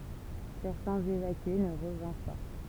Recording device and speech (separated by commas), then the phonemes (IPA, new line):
temple vibration pickup, read sentence
sɛʁtɛ̃z evakye nə ʁəvɛ̃ʁ pa